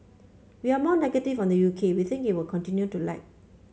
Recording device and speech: mobile phone (Samsung C5), read sentence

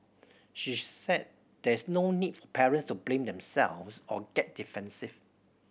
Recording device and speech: boundary microphone (BM630), read sentence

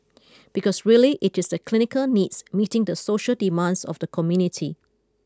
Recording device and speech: close-talking microphone (WH20), read sentence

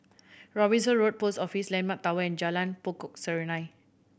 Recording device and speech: boundary microphone (BM630), read sentence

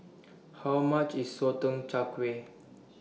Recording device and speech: mobile phone (iPhone 6), read sentence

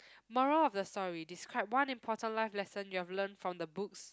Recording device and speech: close-talking microphone, conversation in the same room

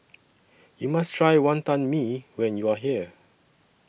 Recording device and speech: boundary microphone (BM630), read sentence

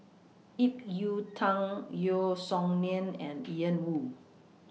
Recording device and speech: mobile phone (iPhone 6), read sentence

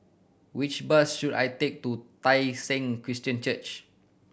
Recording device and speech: boundary microphone (BM630), read sentence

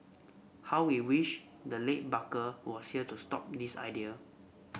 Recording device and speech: boundary microphone (BM630), read sentence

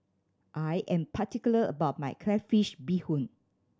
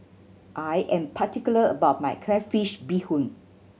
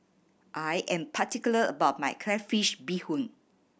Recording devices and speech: standing microphone (AKG C214), mobile phone (Samsung C7100), boundary microphone (BM630), read sentence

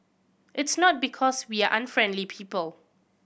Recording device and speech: boundary microphone (BM630), read sentence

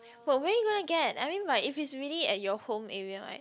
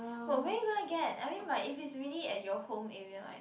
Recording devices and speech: close-talking microphone, boundary microphone, conversation in the same room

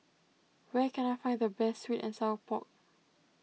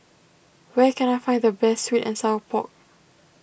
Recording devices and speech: mobile phone (iPhone 6), boundary microphone (BM630), read sentence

